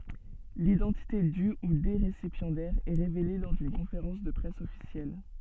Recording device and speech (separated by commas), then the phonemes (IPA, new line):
soft in-ear microphone, read sentence
lidɑ̃tite dy u de ʁesipjɑ̃dɛʁz ɛ ʁevele lɔʁ dyn kɔ̃feʁɑ̃s də pʁɛs ɔfisjɛl